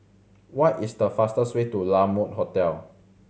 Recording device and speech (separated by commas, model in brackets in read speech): mobile phone (Samsung C7100), read sentence